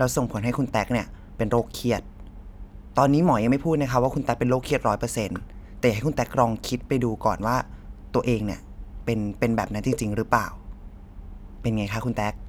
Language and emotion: Thai, neutral